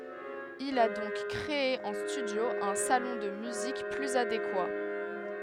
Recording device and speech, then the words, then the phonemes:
headset microphone, read sentence
Il a donc créé en studio un salon de musique plus adéquat.
il a dɔ̃k kʁee ɑ̃ stydjo œ̃ salɔ̃ də myzik plyz adekwa

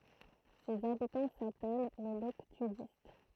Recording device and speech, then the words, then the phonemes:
throat microphone, read sentence
Ses habitants s'appellent les Loctudistes.
sez abitɑ̃ sapɛl le lɔktydist

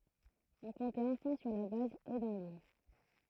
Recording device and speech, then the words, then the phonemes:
throat microphone, read sentence
On comptait enfin sur la base et dans l’île.
ɔ̃ kɔ̃tɛt ɑ̃fɛ̃ syʁ la baz e dɑ̃ lil

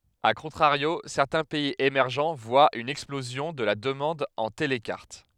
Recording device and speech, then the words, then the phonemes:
headset microphone, read sentence
A contrario, certains pays émergents voient une explosion de la demande en télecarte.
a kɔ̃tʁaʁjo sɛʁtɛ̃ pɛiz emɛʁʒ vwat yn ɛksplozjɔ̃ də la dəmɑ̃d ɑ̃ telkaʁt

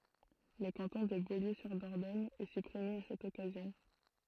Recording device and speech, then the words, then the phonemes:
throat microphone, read sentence
Le canton de Beaulieu-sur-Dordogne est supprimé à cette occasion.
lə kɑ̃tɔ̃ də boljøzyʁdɔʁdɔɲ ɛ sypʁime a sɛt ɔkazjɔ̃

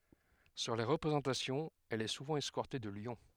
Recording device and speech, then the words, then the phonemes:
headset microphone, read sentence
Sur les représentations, elle est souvent escortée de lions.
syʁ le ʁəpʁezɑ̃tasjɔ̃z ɛl ɛ suvɑ̃ ɛskɔʁte də ljɔ̃

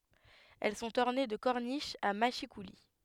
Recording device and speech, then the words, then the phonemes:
headset microphone, read sentence
Elles sont ornées de corniches à mâchicoulis.
ɛl sɔ̃t ɔʁne də kɔʁniʃz a maʃikuli

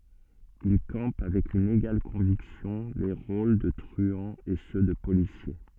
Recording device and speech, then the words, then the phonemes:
soft in-ear microphone, read sentence
Il campe avec une égale conviction les rôles de truands et ceux de policiers.
il kɑ̃p avɛk yn eɡal kɔ̃viksjɔ̃ le ʁol də tʁyɑ̃z e sø də polisje

